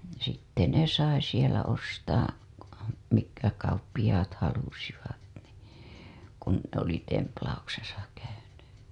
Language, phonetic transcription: Finnish, sitte ne 'sai sielä ostaa , mikkä kauppiʲaat halusivat nii , kun oli templauksesa käyny .
- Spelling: sitten ne sai siellä ostaa mitkä kauppiaat halusivat niin kun oli templauksessa käynyt

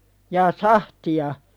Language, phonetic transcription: Finnish, jaa "sahti₍a ?
- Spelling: jaa sahtia

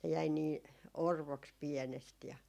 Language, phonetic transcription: Finnish, ne jäi 'nii , "orvoks 'piɛnest ja .
- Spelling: ne jäi niin orvoksi pienestä ja

